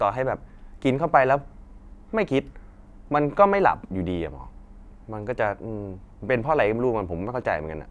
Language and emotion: Thai, neutral